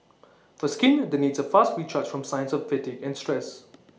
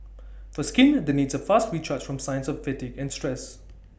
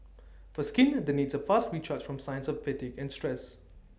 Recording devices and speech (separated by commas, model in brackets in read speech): mobile phone (iPhone 6), boundary microphone (BM630), standing microphone (AKG C214), read sentence